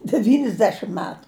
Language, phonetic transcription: Lithuanian, devynisˈdešim ˈmetu

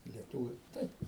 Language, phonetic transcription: Lithuanian, i lieˈtūviu ˈtaip

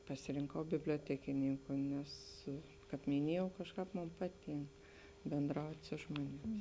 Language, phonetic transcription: Lithuanian, pasirinˈkau biblioˈtekininku nes kāp miˈniejau ˈkažˌkāp ˈmon ˈpaˌtynk bėnˈdraut' ˈsu žmonėˌmis

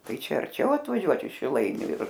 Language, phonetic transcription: Lithuanian, ˈtai ˈčia arˈčiau atvaˈžiuot iš šiˈlainiu ir

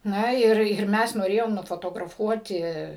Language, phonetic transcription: Lithuanian, ˈna ir ir ˈmes noˈrėjom nufotograˈfuoti

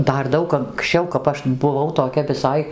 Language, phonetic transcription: Lithuanian, ˈdar ˈdaug anksˈčiau kap ˈaš buˈvau toˈkia viˈsai

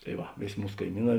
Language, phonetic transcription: Lithuanian, tai ˈva ˈvėˌs' ˈmūs kaiˈmyˌnā

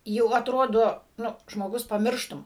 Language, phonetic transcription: Lithuanian, jau atˈrodo ˈnu žmoˈgus paˈmirštum

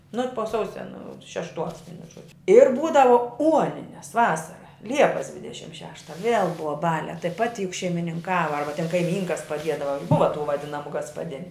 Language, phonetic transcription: Lithuanian, nu po ˈsausia nu šešˈtuos ˈvienu ˈžuodžiu ir ˈbūdavo ˈuonines ˈvasara ˈliepas ˈdvidešim ˈšešta viel ˈbuva ˈbaliā tai ˈpati juk šeimininˈkava ˈarba ten kaiˈmynkas paˈdiedava juk ˈbuva tų vaˈdinamu gaspaˈdiniu

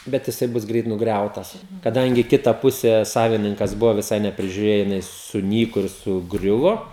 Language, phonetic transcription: Lithuanian, ˈbet jiˈsai ˈbus ˈgreit nugˈriautas kaˈdangi ˈkita ˈpuse ˈsavininkas ˈbuvo viˈsai neprižiuˈrėjo jiˈnai suˈnyko ir suˈgriuvo

